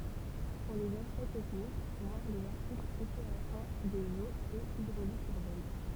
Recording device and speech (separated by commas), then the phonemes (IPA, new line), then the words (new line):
temple vibration pickup, read sentence
puʁ lez aspɛkt tɛknik vwaʁ lez aʁtiklz epyʁasjɔ̃ dez oz e idʁolik yʁbɛn
Pour les aspects techniques, voir les articles épuration des eaux et hydraulique urbaine.